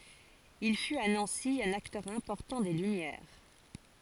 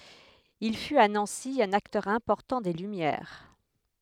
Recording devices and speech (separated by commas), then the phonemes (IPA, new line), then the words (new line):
forehead accelerometer, headset microphone, read sentence
il fyt a nɑ̃si œ̃n aktœʁ ɛ̃pɔʁtɑ̃ de lymjɛʁ
Il fut à Nancy un acteur important des Lumières.